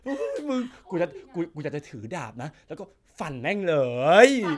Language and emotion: Thai, happy